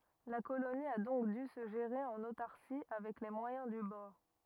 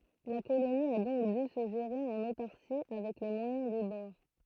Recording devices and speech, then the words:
rigid in-ear microphone, throat microphone, read sentence
La colonie a donc dû se gérer en autarcie, avec les moyens du bord.

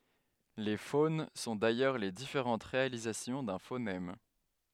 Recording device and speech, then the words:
headset microphone, read sentence
Les phones sont d'ailleurs les différentes réalisations d'un phonème.

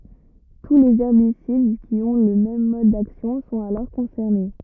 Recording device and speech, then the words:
rigid in-ear microphone, read sentence
Tous les herbicides qui ont le même mode d’action sont alors concernés.

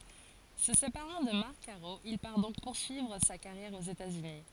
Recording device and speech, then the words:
forehead accelerometer, read sentence
Se séparant de Marc Caro, il part donc poursuivre sa carrière aux États-Unis.

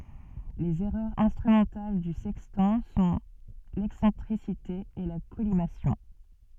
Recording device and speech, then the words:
soft in-ear microphone, read sentence
Les erreurs instrumentales du sextant sont l’excentricité et la collimation.

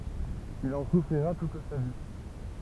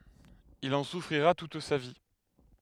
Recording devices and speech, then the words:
temple vibration pickup, headset microphone, read sentence
Il en souffrira toute sa vie.

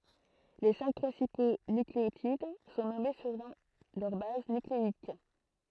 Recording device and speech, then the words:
throat microphone, read sentence
Les cinq principaux nucléotides sont nommés selon leur base nucléique.

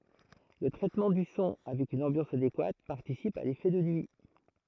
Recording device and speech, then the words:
throat microphone, read sentence
Le traitement du son avec une ambiance adéquate participe à l'effet de nuit.

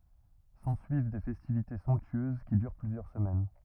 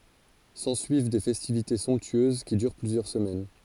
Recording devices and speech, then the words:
rigid in-ear microphone, forehead accelerometer, read sentence
S'ensuivent des festivités somptueuses, qui durent plusieurs semaines.

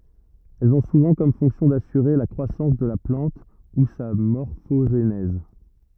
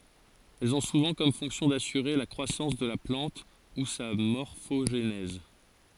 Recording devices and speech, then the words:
rigid in-ear microphone, forehead accelerometer, read sentence
Elles ont souvent comme fonction d'assurer la croissance de la plante ou sa morphogenèse.

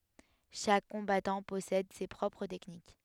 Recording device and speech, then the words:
headset microphone, read sentence
Chaque combattant possède ses propres techniques.

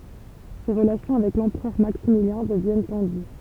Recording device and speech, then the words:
temple vibration pickup, read sentence
Ses relations avec l'empereur Maximilien deviennent tendues.

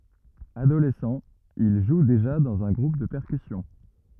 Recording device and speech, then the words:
rigid in-ear microphone, read sentence
Adolescent, il joue déjà dans un groupe de percussions.

